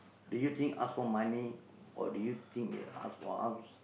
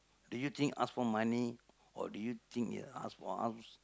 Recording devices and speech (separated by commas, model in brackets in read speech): boundary microphone, close-talking microphone, conversation in the same room